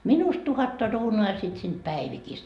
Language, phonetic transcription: Finnish, 'minust 'tuhatta ruunuu ja sit siint "Päivikist .
- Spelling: minusta tuhatta kruunua ja sitten siitä Päivikistä

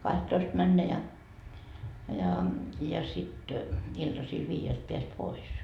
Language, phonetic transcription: Finnish, 'kahttoist 'männä ja , ja , ja sit , iltasil 'viijelt peäs "pois .
- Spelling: kahtatoista mennä ja ja ja sitten iltasilla viideltä pääsi pois

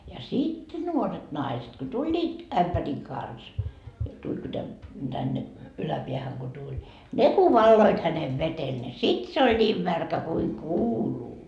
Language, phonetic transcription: Finnish, ja 'sit "nuoret 'naiset , ko "tuĺĺiit , 'ämpäriŋ kans , tuĺ ku tän- , tänne , 'yläpiähäŋ ko tuĺ , "ne ku "valloit hänev 'vetel ne 'sit se oĺ 'ńiim märkä kuiŋ "kuuluu .
- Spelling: ja sitten nuoret naiset kun tulivat ämpärin kanssa tuli kun - tänne yläpäähän kun tuli ne kun valoivat hänen vedellä niin sitten se oli niin märkä kuin kuuluu

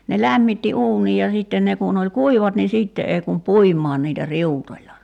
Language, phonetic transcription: Finnish, ne 'lämmitti "uunij ja 'sìtten 'ne kun ‿oĺ "kuivat ni 'sìtte 'ei kum "puim̆maan niitä 'riutoĺla .
- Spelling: ne lämmitti uunin ja sitten ne kun oli kuivat niin sitten ei kun puimaan niitä riutoilla

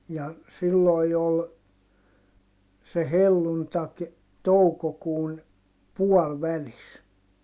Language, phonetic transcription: Finnish, ja , sillòi̮ jo ol , se helluntak , toukokuun , puɔlvälis .
- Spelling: ja silloin jo oli se helluntai toukokuun puolivälissä

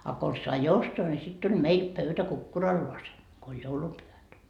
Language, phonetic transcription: Finnish, a kons sai "ostoa ńi sit tuĺ "meil pöytä "kukkuralloasen , ko oĺ "joulupyhät .
- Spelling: a konsa sai ostaa niin sitten tuli meille pöytä kukkuralleen kun oli joulupyhät

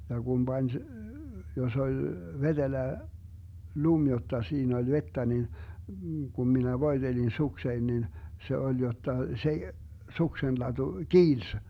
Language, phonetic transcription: Finnish, ja Gum 'Bań , 'jos ‿oĺ , 'veDelä , 'lum jotta 'siin ‿oĺ 'vettä nin , Gum minä 'voi̮Delin 'suksein nin , 'se oĺ jotta , 'se , 'suksenlaDu "kiils .
- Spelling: ja kun pani jos oli vetelä lumi jotta siinä oli vettä niin kun minä voitelin sukseni niin se oli jotta se suksenlatu kiilsi

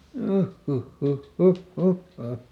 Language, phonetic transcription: Finnish, ˈjuhˈhuhˈhuh "huh "huh ha .
- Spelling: juh huh huh huh huh ha

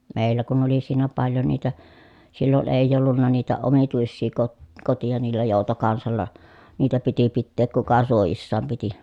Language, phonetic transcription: Finnish, mèillä kun oli siinä paljo niitä , sillon èi̮j ‿ollunna niitä omituissii kot- , kotija niillä jòutokansalla , niitä piti pitteek kuka suojissaam piti .
- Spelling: meillä kun oli siinä paljon niitä silloin ei ollut niitä omituisia - koteja niillä joutokansalla niitä piti pitää kuka suojissaan piti

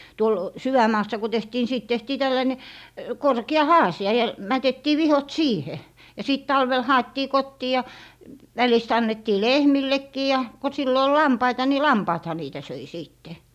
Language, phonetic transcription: Finnish, 'tuol "syväm̀aassa ku 'tehtii ni siit 'tehtii 'tällaine , 'korki̮₍a "haasi₍a ja , 'mätettii "vihot "siihe , ja 'sìt 'talvel 'ha₍ettii "kottii ja , 'välist 'annettii "lehmillekkii , ja ko sillo ol "lampaita ni "lampaatha niitä 'söi 'sìtte .
- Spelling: tuolla sydänmaassa kun tehtiin niin siitä tehtiin tällainen korkea haasia ja mätettiin vihkot siihen ja sitten talvella haettiin kotiin ja välistä annettiin lehmillekin ja kun silloin oli lampaita niin lampaathan niitä söi sitten

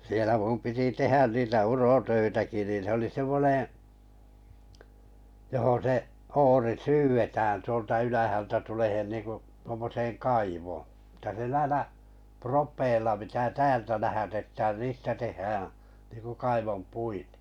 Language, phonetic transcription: Finnish, 'sielä 'mum 'piti "tehän niitä "urotöitäki niin̬ se oli 'semmoneḛ , johon se’ , 'ori "syyvetään tuolta 'ylähältä 'tulehen 'niiŋku , 'tuommoseeŋ "kaivoo , että se 'näĭlä , 'propèilla pitää "täältä lähätettään 'niistä 'tehhäää̰ , niiŋku 'kaivom'puitᴇ .
- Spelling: siellä minun piti tehdä niitä urotöitäkin niin se oli semmoinen johon se oori syydetään tuolta ylhäältä tuleen niin kuin tuommoiseen kaivoon että se näillä propeilla pitää täältä lähetetään niistä tehdään niin kuin kaivonpuite

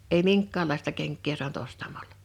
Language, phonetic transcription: Finnish, ei "miŋkka̳a̳llaesta 'keŋkkee soant 'ostamaĺᴀ .
- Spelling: ei minkäänlaista kenkää saanut ostamalla

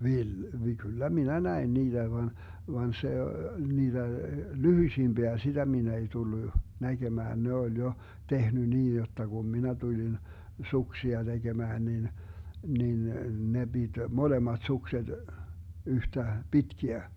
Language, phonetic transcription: Finnish, 'viel - vi- , 'kyllä "minä 'näin 'niiDä van , 'van se , 'niiDä , "lyhyⁱsimBiä 'sitä 'min ‿ei 'tullu , 'näGemään ne oĺ jo , 'tehny 'niin̬ jotta 'Gum "minä 'tulin , "suksia 'DeGemään 'nin , 'nin , 'ne 'BiD "molemat 'sukset , 'yhtä 'pitkiä .
- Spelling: - - kyllä minä näin niitä vaan vaan se niitä lyhyisimpiä sitä minä ei tullut näkemään ne oli jo tehnyt niin jotta kun minä tulin suksia tekemään niin niin ne piti molemmat sukset yhtä pitkiä

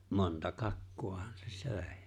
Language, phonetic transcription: Finnish, 'monta "kakku₍ahan se "sö̀e .
- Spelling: monta kakkuahan se söi

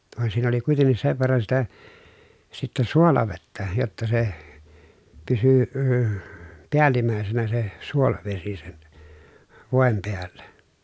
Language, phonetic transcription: Finnish, vàen siin ‿oli kuiteǹis sev verran sitä , sittɛ suolavettä , jotta se , pysy əə , piälimä̀esenä se , suolavesi sen , vòem peällä .
- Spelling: vaan siinä oli kuitenkin sen verran sitä sitten suolavettä jotta se pysyi - päällimmäisenä se suolavesi sen voin päällä

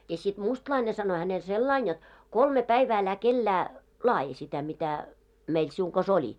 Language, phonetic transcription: Finnish, ja sit 'mustlaine sano hänel "sellain jot , » "kolme 'päivää älä 'kellää , 'laaji sitä mitä , meil 'siuŋ kas 'oĺi « .
- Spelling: ja sitten mustalainen sanoi hänelle sillä lailla jotta kolme päivää älä kenellekään laadi sitä mitä meillä sinun kanssa oli

